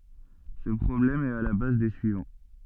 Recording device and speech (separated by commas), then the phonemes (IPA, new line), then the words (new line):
soft in-ear microphone, read sentence
sə pʁɔblɛm ɛt a la baz de syivɑ̃
Ce problème est à la base des suivants.